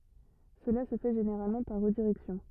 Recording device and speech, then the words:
rigid in-ear microphone, read sentence
Cela se fait généralement par redirection.

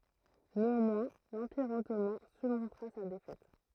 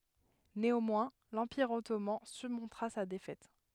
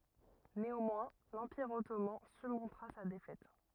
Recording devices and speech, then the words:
throat microphone, headset microphone, rigid in-ear microphone, read sentence
Néanmoins, l'Empire Ottoman surmontera sa défaite.

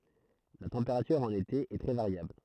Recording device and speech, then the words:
throat microphone, read sentence
La température en été est très variable.

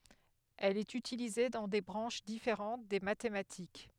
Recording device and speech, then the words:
headset microphone, read sentence
Elle est utilisée dans des branches différentes des mathématiques.

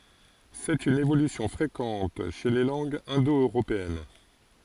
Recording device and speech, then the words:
forehead accelerometer, read sentence
C'est une évolution fréquente chez les langues indo-européennes.

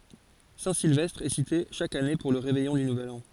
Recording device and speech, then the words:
forehead accelerometer, read sentence
Saint-Sylvestre est cité chaque année pour le réveillon du nouvel an.

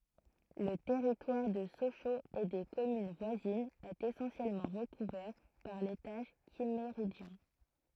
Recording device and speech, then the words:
throat microphone, read sentence
Le territoire de Sochaux et des communes voisines est essentiellement recouvert par l'étage Kimméridgien.

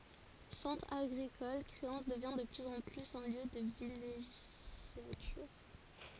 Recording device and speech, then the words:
forehead accelerometer, read sentence
Centre agricole, Créances devient de plus en plus un lieu de villégiature.

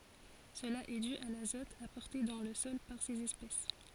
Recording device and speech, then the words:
forehead accelerometer, read sentence
Cela est dû à l'azote apporté dans le sol par ces espèces.

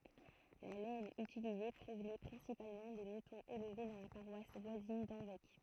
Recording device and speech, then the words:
throat microphone, read sentence
La laine utilisée provenait principalement des moutons élevés dans la paroisse voisine d'Hanvec.

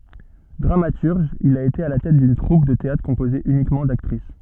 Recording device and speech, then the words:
soft in-ear microphone, read sentence
Dramaturge, il a été à la tête d'une troupe de théâtre composée uniquement d'actrices.

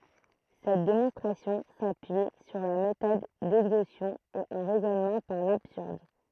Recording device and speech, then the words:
throat microphone, read sentence
Cette démonstration s'appuie sur la méthode d'exhaustion et un raisonnement par l'absurde.

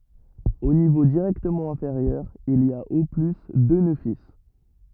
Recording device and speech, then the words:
rigid in-ear microphone, read sentence
Au niveau directement inférieur, il y a au plus deux nœuds fils.

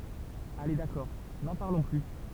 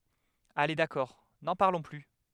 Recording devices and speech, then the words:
temple vibration pickup, headset microphone, read sentence
Allez d’accord, n’en parlons plus.

